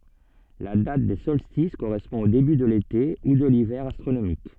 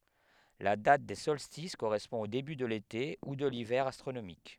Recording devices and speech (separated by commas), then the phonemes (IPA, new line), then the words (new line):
soft in-ear microphone, headset microphone, read sentence
la dat de sɔlstis koʁɛspɔ̃ o deby də lete u də livɛʁ astʁonomik
La date des solstices correspond au début de l'été ou de l'hiver astronomique.